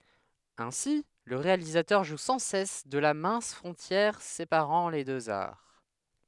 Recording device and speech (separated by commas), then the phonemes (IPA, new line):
headset microphone, read sentence
ɛ̃si lə ʁealizatœʁ ʒu sɑ̃ sɛs də la mɛ̃s fʁɔ̃tjɛʁ sepaʁɑ̃ le døz aʁ